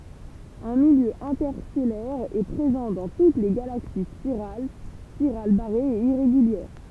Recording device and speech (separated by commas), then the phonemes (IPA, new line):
temple vibration pickup, read sentence
œ̃ miljø ɛ̃tɛʁstɛlɛʁ ɛ pʁezɑ̃ dɑ̃ tut le ɡalaksi spiʁal spiʁal baʁez e iʁeɡyljɛʁ